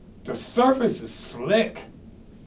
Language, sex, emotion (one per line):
English
male
disgusted